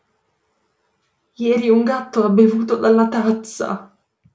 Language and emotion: Italian, fearful